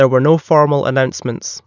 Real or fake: real